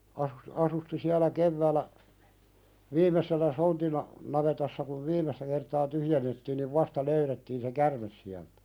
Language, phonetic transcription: Finnish, asus- asusti siälä "kevvääl̆lä , 'viim̀esellä sontina- , navetassa kuv 'viim̀estä kertaa "tyhjennettiin niv "vasta 'löyrettiin se "kärmes siältᴀ̈ .
- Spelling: - asusti siellä keväällä viimeisellä sontina navetassa kun viimeistä kertaa tyhjennettiin niin vasta löydettiin se käärme sieltä

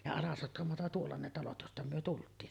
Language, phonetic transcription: Finnish, ja "Alasotkamota tuolla ne talot josta 'myö tult̀iin .
- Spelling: ja Alasotkamoa tuolla ne talot josta me tultiin

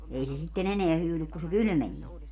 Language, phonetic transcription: Finnish, 'ei se sitte'n ‿eneä 'hyylyk ku se "kylmenie .
- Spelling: ei se sitten enää hyydy kun se kylmeni

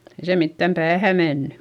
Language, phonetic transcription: Finnish, ei se mittäm päähä menny .
- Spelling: ei se mitään päähän mennyt

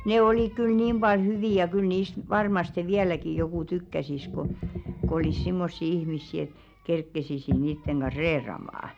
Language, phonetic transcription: Finnish, "nè olìk kyl 'niim ʙal "hyvì ja 'kyl niist 'varmaste "viäläki jokù 'tykkäsis ko , kᵒ ‿olis 'simmossi ihmissi et , 'kerkkesisi 'niitteŋ ɢan̬ˢ "reeramaa .
- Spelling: ne oli kyllä niin paljon hyviä ja kyllä niistä varmasti vieläkin joku tykkäisi kun kun olisi semmoisia ihmisiä että kerkeisi niiden kanssa reilaamaan

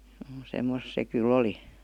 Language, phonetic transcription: Finnish, (juu) 'semmos se kyl̆'l ‿oli .
- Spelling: juu semmoista se kyllä oli

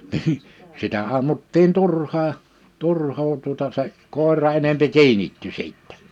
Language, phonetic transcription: Finnish, nii , 'sitä 'ammuttii 'turhaa[n] , 'turhoo tuᵒta se , 'kòer̀a enempi 'kiinitty 'sìttɛ .
- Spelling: niin sitä ammuttiin turhaan turhaa tuota se koira enempi kiinnittyi sitten

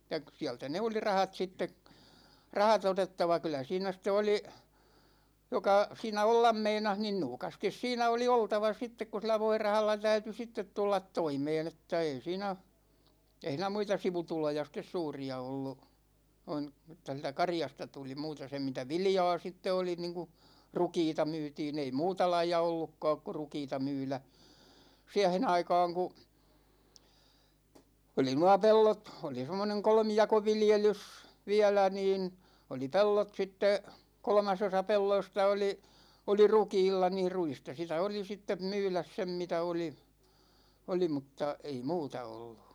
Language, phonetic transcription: Finnish, [et]tä , 'siältä ne oli "rahat sitte , "raha't ‿otettava kylä 'siinä ste 'oli , 'joka 'siinä "ollam 'meinah nin "nuukastis 'siinä oli 'oltava sittek ku sil̆lä "voirahalla 'täyty 'sittet 'tullat "toimeen ‿että ei 'siinä , ei hìnä 'muita 'sivutuloja sit̆tes 'suuri₍a ollu , 'noin̬ , (että sieltä) "karjasta tuli 'muuta se mitä "vilja̭a̭ 'sitte oli niiŋku , "rukiita 'myytii'n ‿ei 'muuta laija 'ollukkååk ku̬ "rukiita 'myylä , 'siähe'n ‿aikaaŋ ku , 'oli nua 'pellot , 'oli 'semmoneŋ "kolmijakoviljelys , 'viälä niin , oli "pellot 'sitte , 'kolᵒmasosa "pelloista oli , 'oli "rukiilla niir 'ruista sitä oli sittem "myyläs 'sem mitä oli , 'oli mutta , ei 'muuta ollU .
- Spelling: että sieltä ne oli rahat sitten rahat otettava kyllä siinä sitten oli joka siinä olla meinasi niin nuukasti siinä oli oltava sitten kun sillä voirahalla täytyi sitten tulla toimeen että ei siinä ei siinä muita sivutuloja sitten suuria ollut noin että sieltä karjasta tuli muuta se mitä viljaa sitten oli niin kuin rukiita myytiin ei muuta lajia ollutkaan kuin rukiita myydä siihen aikaan kun oli nuo pellot oli semmoinen kolmijakoviljelys vielä niin oli pellot sitten kolmasosa pelloista oli oli rukiilla niin ruista sitä oli sitten myydä sen mitä oli oli mutta ei muuta ollut

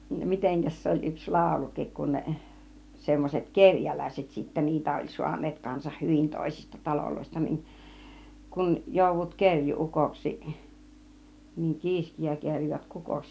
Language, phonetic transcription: Finnish, n 'miteŋkäs 'se oĺ yks "laaulukik kun 'ne , 'semmos͕et "keŕjäläiset sittä 'niitä oĺ 'suan̆neet , kansah "hyvin 'tòisista "taloloista nin , kun§ , 'jòuv̆vut "keŕju₍'ukoksi , niiŋ "ki̬iskiä ('keŕj̆joot) 'kukoksi .
- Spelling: - mitenkäs se oli yksi laulukin kun ne semmoiset kerjäläiset sitten niitä oli saaneet kanssa hyvin toisista taloista niin kun joudut kerjuu-ukoksi niin kiiskiä kerjäät kukoksi

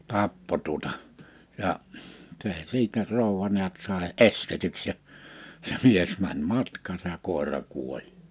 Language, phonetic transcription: Finnish, 'tappo tuᵒta , 'ja’ , se 'siitä 'ròuwwa ni̬ät sài "’estetyks ja , ja 'mies mäń 'matk̀aasa ja 'kòera 'kuoĺ .
- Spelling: tappoi tuota ja se siitä rouva näet sai estetyksi ja ja mies meni matkaansa ja koira kuoli

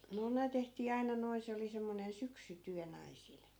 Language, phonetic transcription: Finnish, no 'ne tehtii 'aina noi̮ 'se oli semmonen 'syksy'tyä 'naisil .
- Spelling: no ne tehtiin aina noin se oli semmoinen syksytyö naisilla

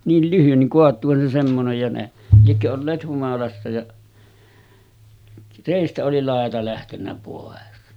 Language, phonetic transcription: Finnish, 'niil 'lyhyn niŋ 'koat̆tuuhan se semmonej ja ne , liekkö olleet 'humalassa ja , 'rèistä oli 'làeta lähtennä pòes .
- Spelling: niin lyhyt niin kaatuuhan se semmoinen ja ne liekö olleet humalassa ja reistä oli laita lähtenyt pois

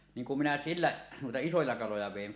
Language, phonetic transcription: Finnish, 'niiŋ kum minä "sillä nuita 'isoja 'kaloja vèin .
- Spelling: niin kun minä sillä noita isoja kaloja vein

